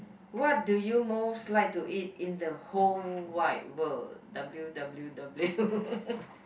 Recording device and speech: boundary microphone, conversation in the same room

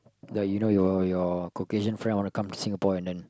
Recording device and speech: close-talking microphone, conversation in the same room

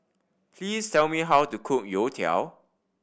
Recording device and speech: boundary microphone (BM630), read sentence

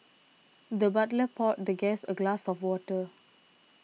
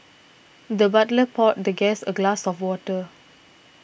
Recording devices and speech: mobile phone (iPhone 6), boundary microphone (BM630), read sentence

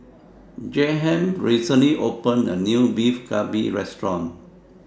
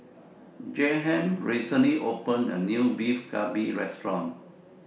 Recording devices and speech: standing microphone (AKG C214), mobile phone (iPhone 6), read sentence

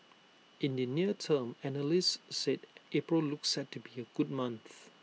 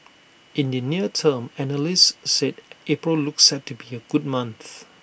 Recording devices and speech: mobile phone (iPhone 6), boundary microphone (BM630), read sentence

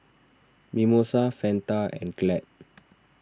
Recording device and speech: standing microphone (AKG C214), read sentence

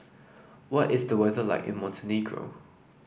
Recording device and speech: boundary microphone (BM630), read sentence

